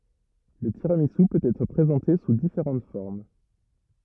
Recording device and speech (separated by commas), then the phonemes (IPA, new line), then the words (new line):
rigid in-ear microphone, read sentence
lə tiʁamizy pøt ɛtʁ pʁezɑ̃te su difeʁɑ̃t fɔʁm
Le tiramisu peut être présenté sous différentes formes.